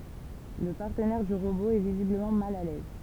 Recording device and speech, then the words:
temple vibration pickup, read sentence
Le partenaire du robot est visiblement mal à l'aise...

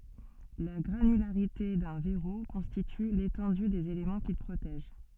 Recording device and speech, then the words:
soft in-ear microphone, read sentence
La granularité d'un verrou constitue l'étendue des éléments qu'il protège.

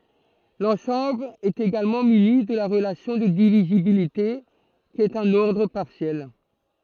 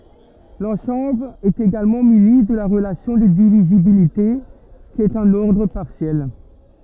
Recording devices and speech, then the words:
throat microphone, rigid in-ear microphone, read sentence
L'ensemble est également muni de la relation de divisibilité qui est un ordre partiel.

